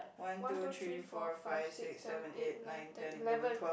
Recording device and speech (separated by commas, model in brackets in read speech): boundary microphone, conversation in the same room